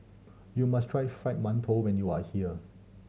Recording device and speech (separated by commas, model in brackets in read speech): mobile phone (Samsung C7100), read sentence